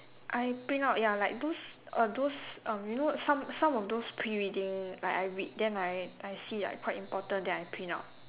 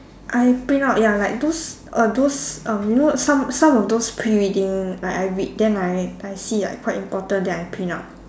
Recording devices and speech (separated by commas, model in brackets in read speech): telephone, standing microphone, conversation in separate rooms